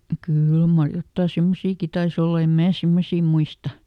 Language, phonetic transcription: Finnish, ˈkỳl mar ˈjottà "semmosiiki tais ‿olla ˈem "mää ˈsemmosii ˈmuista .
- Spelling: kyllä mar jotakin semmoisiakin taisi olla en minä semmoisia muista

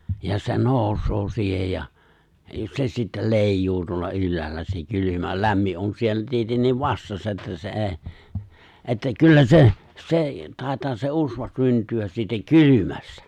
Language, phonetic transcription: Finnish, ja se 'nooᵘsoo siihej ja , ja 'se sittel 'lèij̆juu tuolla 'ylläällä se 'kylymä , 'lämmi’ '’on 'siellä 'tietenniiv 'vastassa että se '’ee , ’että 'kyllä 'se , 'se , 'tàitaa se '’usva 'synty₍äs siitä "kylymästᴀ̈ .
- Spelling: ja se nousee siihen ja ja se sitten leijuu tuolla ylhäällä se kylmä lämmin on siellä tietenkin vastassa että se ei että kyllä se se taitaa se usva syntyä siitä kylmästä

